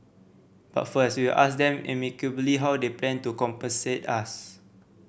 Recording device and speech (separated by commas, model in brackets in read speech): boundary microphone (BM630), read sentence